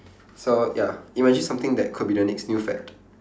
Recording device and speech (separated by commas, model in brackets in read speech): standing microphone, conversation in separate rooms